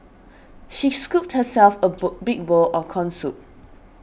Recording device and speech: boundary microphone (BM630), read sentence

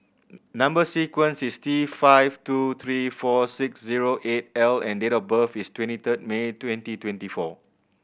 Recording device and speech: boundary microphone (BM630), read sentence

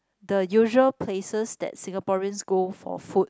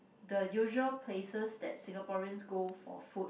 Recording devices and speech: close-talking microphone, boundary microphone, conversation in the same room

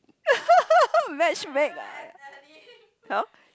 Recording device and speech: close-talking microphone, conversation in the same room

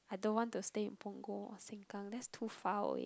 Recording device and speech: close-talking microphone, conversation in the same room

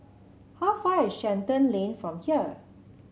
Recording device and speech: mobile phone (Samsung C7), read sentence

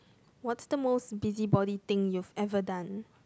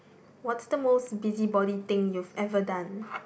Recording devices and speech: close-talking microphone, boundary microphone, conversation in the same room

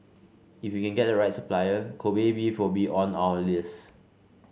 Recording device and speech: mobile phone (Samsung C5), read sentence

